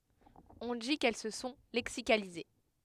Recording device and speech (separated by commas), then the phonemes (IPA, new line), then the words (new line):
headset microphone, read sentence
ɔ̃ di kɛl sə sɔ̃ lɛksikalize
On dit qu'elles se sont lexicalisées.